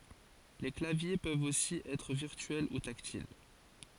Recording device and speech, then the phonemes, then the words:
forehead accelerometer, read sentence
le klavje pøvt osi ɛtʁ viʁtyɛl u taktil
Les claviers peuvent aussi être virtuels ou tactiles.

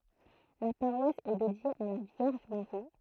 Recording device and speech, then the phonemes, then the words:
throat microphone, read sentence
la paʁwas ɛ dedje a la vjɛʁʒ maʁi
La paroisse est dédiée à la Vierge Marie.

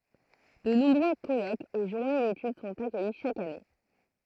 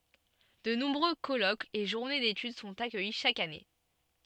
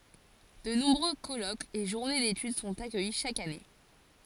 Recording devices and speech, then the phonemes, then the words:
throat microphone, soft in-ear microphone, forehead accelerometer, read sentence
də nɔ̃bʁø kɔlokz e ʒuʁne detyd sɔ̃t akœji ʃak ane
De nombreux colloques et journées d'études sont accueillis chaque année.

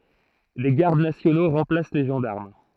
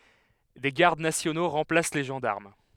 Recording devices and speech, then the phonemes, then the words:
throat microphone, headset microphone, read sentence
de ɡaʁd nasjono ʁɑ̃plas le ʒɑ̃daʁm
Des gardes nationaux remplacent les gendarmes.

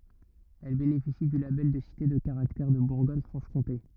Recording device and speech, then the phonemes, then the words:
rigid in-ear microphone, read sentence
ɛl benefisi dy labɛl də site də kaʁaktɛʁ də buʁɡɔɲ fʁɑ̃ʃ kɔ̃te
Elle bénéficie du label de Cité de Caractère de Bourgogne-Franche-Comté.

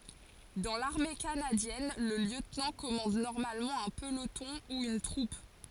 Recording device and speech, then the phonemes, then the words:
forehead accelerometer, read sentence
dɑ̃ laʁme kanadjɛn lə ljøtnɑ̃ kɔmɑ̃d nɔʁmalmɑ̃ œ̃ pəlotɔ̃ u yn tʁup
Dans l'Armée canadienne, le lieutenant commande normalement un peloton ou une troupe.

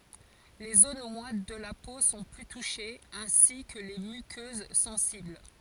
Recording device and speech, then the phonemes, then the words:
forehead accelerometer, read sentence
le zon mwat də la po sɔ̃ ply tuʃez ɛ̃si kə le mykøz sɑ̃sibl
Les zones moites de la peau sont plus touchées, ainsi que les muqueuses sensibles.

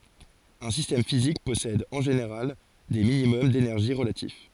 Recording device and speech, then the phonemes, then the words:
forehead accelerometer, read sentence
œ̃ sistɛm fizik pɔsɛd ɑ̃ ʒeneʁal de minimɔm denɛʁʒi ʁəlatif
Un système physique possède, en général, des minimums d'énergie relatifs.

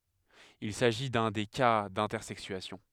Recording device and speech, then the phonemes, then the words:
headset microphone, read sentence
il saʒi dœ̃ de ka dɛ̃tɛʁsɛksyasjɔ̃
Il s'agit d'un des cas d'intersexuation.

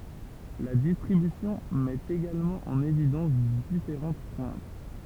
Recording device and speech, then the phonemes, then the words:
temple vibration pickup, read sentence
la distʁibysjɔ̃ mɛt eɡalmɑ̃ ɑ̃n evidɑ̃s difeʁɑ̃t pwɛ̃t
La distribution met également en évidence différentes pointes.

